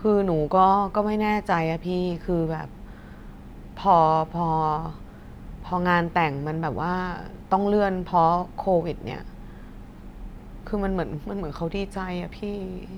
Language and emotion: Thai, sad